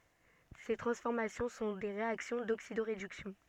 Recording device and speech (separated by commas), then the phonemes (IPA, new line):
soft in-ear microphone, read sentence
se tʁɑ̃sfɔʁmasjɔ̃ sɔ̃ de ʁeaksjɔ̃ doksidoʁedyksjɔ̃